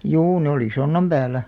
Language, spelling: Finnish, juu ne oli sonnan päällä
- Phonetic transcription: juu ne oli "sonnam 'ʙääl̆lä .

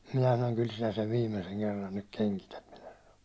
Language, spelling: Finnish, minä sanoin kyllä sinä sen viimeisen kerran nyt kengität minä sanoin
- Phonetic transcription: minä sanoŋ » kyl sinä sev 'viimeseŋ "kerran nyk 'keŋkität « minä sano .

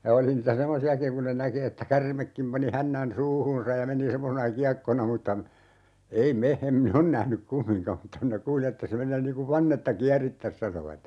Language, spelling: Finnish, ja oli niitä semmoisiakin kun ne näki että käärmekin pani hännän suuhunsa ja meni semmoisena kiekkona mutta ei me en minä ole nähnyt kumminkaan mutta minä kuulin että se menee niin kuin vannetta kierittäisi sanovat
- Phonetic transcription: ja 'oli niitä "semmosi₍akiŋ kun ne 'näki että "kärmekkim pani 'hännän "suuhuunsaj ja 'meni 'semmosena "kiakkona mutta , 'ei "me , em "min ‿on 'nähnyk "kummiŋkam m̥tta minä 'kuuli että se 'men̆nee nii kuv "vannetta 'kiärittäs 'sanovat .

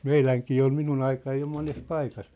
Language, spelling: Finnish, meidänkin oli minun aikana jo monessa paikassa
- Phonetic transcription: meiläŋkii ol "minun ‿aikaj jo 'mones 'paikas .

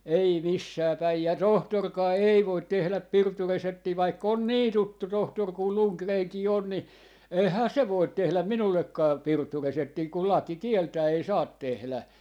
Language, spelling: Finnish, ei missään päin ja tohtorikaan ei voi tehdä pirtureseptiä vaikka on niin tuttu tohtori kuin Lundgrenkin on niin eihän se voi tehdä minullekaan pirtureseptiä kun laki kieltää ei saa tehdä
- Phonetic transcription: 'ei "missää 'päi ja "tohtorkaa "ei 'voit 'tehläp "pirtureseptii vaik'k ‿on "nii 'tuttu 'tohtor kul "Luŋkreeŋkii 'on ni , "eihää "se 'voit 'tehläm "minullekkaa 'pirtureseptii kul 'laki "kieltää ei "saat 'tehlä .

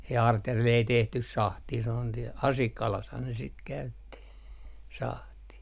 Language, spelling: Finnish, ja Artjärvellä ei tehty sahtia se on siellä Asikkalassahan ne sitten käytti sahtia
- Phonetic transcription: ja 'Artjärvel ei 'tehtys "sahtii sᵉ ‿on siel "Asikkalashan ne sit käytti , 'sahtì .

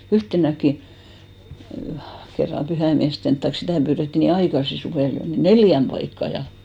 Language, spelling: Finnish, yhtenäkin kerran pyhäinmiesten tai sitä pyydettiin niin aikaisin suvella jo niin neljään paikkaan ja
- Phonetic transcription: 'yhtenäkki , kerram 'pyhäimiästen taik 'sitä̀ pyyretti nii "aikasi 'suvèl jo , ni "neljäm paikka ja .

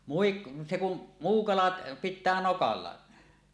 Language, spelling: Finnish, muikku se kun muu kalat pitää nokalla
- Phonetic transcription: 'muikkᴜ , 'se 'kum̳ , 'muu "kalat , "pit̆tää 'nokalla .

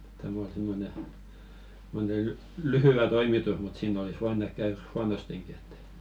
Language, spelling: Finnish, tämä oli semmoinen semmoinen lyhyt toimitus mutta siinä olisi voinut ehkä käydä huonostikin että
- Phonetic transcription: täm ‿ol 'simmone , [sim]mone "lyhyʷä 'toimitus mut 'siin ‿olis 'voin ‿ehk̆ käyr "huanosteŋki et .

